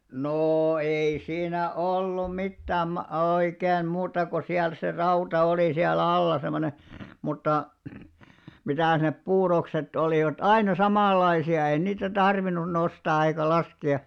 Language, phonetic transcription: Finnish, 'noo , 'ei 'siin̆§nä 'ollum̆§ 'mittääm ma- 'oikeen̳§ 'muuta ko siäl se 'rauta oli siä"l ‿alla semone , mutta , 'mitä̀s nep 'puurokset olìvat "aina 'samàllaisi₍a ei niitä 'tarvinnun 'nostaa eikä 'laske₍a .
- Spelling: no ei siinä ollut mitään - oikein muuta kuin siellä se rauta oli siellä alla semmoinen mutta mitäs ne puurokset olivat aina samanlaisia ei niitä tarvinnut nostaa eikä laskea

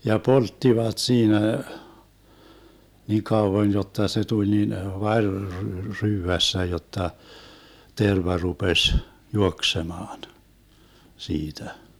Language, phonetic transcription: Finnish, ja "polttivat 'siinä , nì 'kauvon jotta se 'tuĺ nin 'vaŕ r- 'ryyvässä 'jotta , 'terva 'rupeś , "juoksemaan , 'siitä .
- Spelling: ja polttivat siinä niin kauan jotta se tuli niin vari - ryydässä jotta terva rupesi juoksemaan siitä

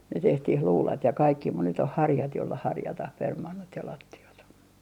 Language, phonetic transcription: Finnish, ne 'tehtih "luulat ja 'kaikki mut ny't ‿oh "harjat jolla 'harjatah 'permannot ja 'latti₍at .
- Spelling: ne tehtiin luudat ja kaikki mutta nyt on harjat jolla harjataan permannot ja lattiat

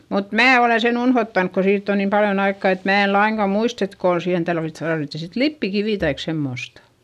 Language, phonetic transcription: Finnish, mut mää olèn sen ‿unhottank ko siitt ‿on niim paljon ‿aikkà et mää e laiŋka muist ‿et kòn siihen talvit- , tarvitti sit lippikivì taik semmostA .
- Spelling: mutta minä olen sen unohtanut kun siitä on niin paljon aikaa että minä en lainkaan muista että kun siihen - tarvittiin sitten lipeäkiveä tai semmoista

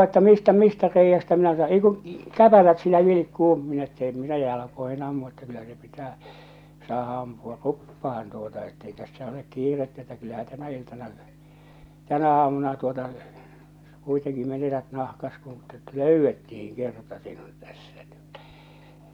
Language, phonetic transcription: Finnish, että 'mistä 'mistä 'reijjästä minä sa- , ei kuṵ , 'käpälät sillä 'vilikkuu minä että 'em 'minä 'ja- 'jalakoihɪ'n ‿ammu että kyllä se 'pitää , 'saaha "ampu₍a "ruppahan tuota ettei 'tässä olek 'kiirettä että kyllähä 'tänä 'iltana , 'tänä aamuna tuota , kuiteŋki 'menetät 'nahkas kun ᴇtt ‿ᴇt "lö̀ywwettihiŋ 'kerta sinut tᴀ̈ssᴀ̈ ɴ ‿ᴇttᴀ̈ .
- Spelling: että mistä mistä reiästä minä - ei kun käpälät sillä vilkkuu minä että en minä - jalkoihin ammu että kyllä se pitää saada ampua ruppaan tuota että ei tässä ole kiirettä että kyllähän tänä iltana tänä aamuna tuota kuitenkin menetät nahkasi kun että että löydettiin kerta sinut tässä niin että

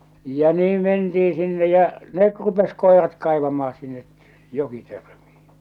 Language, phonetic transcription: Finnish, ja 'niim mentiin̬ sinne jä͔ , 'net 'rupes 'kòerat kàḙvam̆maa sinne , 'jokitörᴍɪɪ .
- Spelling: ja niin mentiin sinne ja ne rupesi koirat kaivamaan sinne jokitörmiin

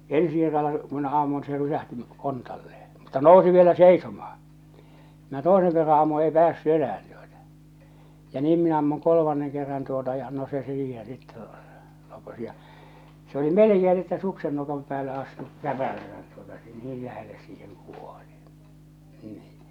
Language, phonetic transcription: Finnish, ensi kerralla , ku minä 'ammun se rysähti , 'kontalle₍e , mutta 'nòu̬si vielä 'seisomaa , minä "tòeseŋ kerra ammu 'ei "päässy 'enä₍än tuota , ja 'niim minä ammuŋ 'kolomanneŋ kerran tuota ja no se 'siiheḛ sitte , (lokos) ja , se oli "mᵉlekee nⁱ että 'suksen 'nokam päälle astu , "käpäläsät tuota , 'niil 'lähelles siiheŋ kuoʟɪ , 'nii .
- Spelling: ensi kerralla kun minä ammuin se rysähti kontalleen mutta nousi vielä seisomaan minä toisen kerran ammun ei päässyt enää tuota ja niin minä ammun kolmannen kerran tuota ja no se siihen sitten lakosi ja se oli melkein no että suksen nokan päälle astui käpälänsä tuota niin lähelle siihen kuoli niin

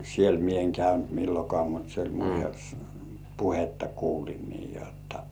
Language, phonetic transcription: Finnish, 'siel mie eŋ 'käynt "millokŏà mut se oĺ "puhetta 'kuulin nii jotta .
- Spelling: siellä minä en käynyt milloinkaan mutta se oli puhetta kuulin niin jotta

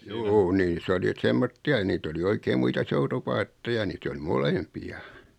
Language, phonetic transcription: Finnish, 'juu 'nii"s ‿oli et 'semmotti₍a ʲᵃ 'niit ‿oli 'oikeeᵐ 'muita "soutupaatteja 'niit ‿oli "molempi₍a .
- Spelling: juu niissä oli että semmoisia ja niitä oli oikein muita soutupaatteja niitä oli molempia

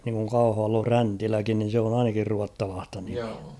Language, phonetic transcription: Finnish, niŋkuŋ 'Kauhavall ‿on͕̬ 'Fräntiläkin nin̬ se on ‿'ainakir 'ruattalaasta niᴍɪᴀ̈ .
- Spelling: niin kuin Kauhavalla on Fräntiläkin niin se on ainakin ruotsalaista nimeä

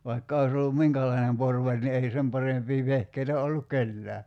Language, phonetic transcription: Finnish, 'vaikka oⁱs ‿ollum "miŋkälainem 'porvaĺ ni ei 'sem parempii 'vehkeitä olluk̆ "kellää .
- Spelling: vaikka olisi ollut minkälainen porvari niin ei sen parempia vehkeitä ollut kenelläkään

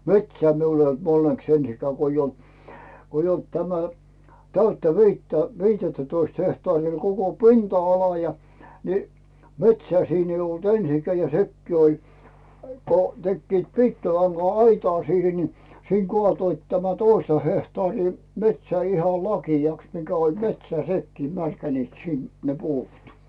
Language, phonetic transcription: Finnish, metsää miul ‿eij ‿olt onneks 'ensikää ko ‿ij ‿olt , koij ‿olt tämä , 'täyttä 'viittä , 'viitettätoist hehtaarii ol koko "pinta₍ala ja , ni , "metsää siin ‿eij ‿olt 'ensikää ja "sekkii oĺ , ko 'tekkiit "piikkilaŋGa₍'aitaa siihe ni , siiŋ "Gᵒàtoit tämä 'toista hehtaarii , 'metsää iha "laki₍aks mikä oĺ "metsää "nekkii märkäniit 'sin , ne 'puut .
- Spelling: metsää minulla ei ollut onneksi ensinkään kun ei ollut kun ei ollut tämä täyttä viittä viittätoista hehtaaria oli koko pinta-ala ja niin metsää siinä ei ollut ensinkään ja sekin oli kun tekivät piikkilanka-aitaa siihen niin siinä kaatoivat tämän toista hehtaaria metsää ihan lakeaksi mikä oli metsää nekin märkänivät sinne ne puut

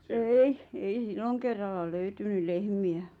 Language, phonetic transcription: Finnish, ei , 'ei "silloŋkerralla "löytyny "lehmiä .
- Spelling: ei ei silloin kerralla löytynyt lehmiä

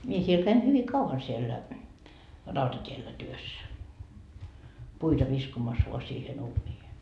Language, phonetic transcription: Finnish, 'mie siel käin 'hyvi "kauvan siellä , 'rautat́iellä 'työssä , 'puita viskomas voa siihen 'uuńiihe .
- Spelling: minä siellä kävin hyvin kauan siellä rautatiellä työssä puita viskomassa vain siihen uuniin

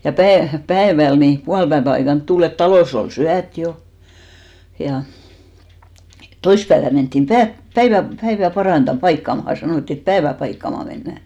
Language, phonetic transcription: Finnish, ja 'päe- , 'päeväl ni , 'pualpäevä aikant 'tul ‿et 'talòs ‿ol "syät jo , ja , 'toispäevän menttim 'pä- , "päivä , 'päivä 'paranta- , "paikkamaha , 'sanòtti et "päevä 'paikkama mennä̀ .
- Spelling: ja - päivällä niin puolipäivän aikaan tuli että talossa oli syöty jo ja toissapäivänä mentiin - päivää päivää - paikkaamaan sanottiin että päivää paikkaamaan mennään

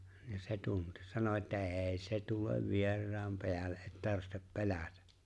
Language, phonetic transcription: Finnish, ja se 'tunti , sano että » "’e̬e̬ se 'tulev 'vier̆raam peällᴇ '’e̬t ‿('tarvihtep) "pelätä « .
- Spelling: ja se tunsi sanoi että ei se tule vieraan päälle että tarvitse pelätä

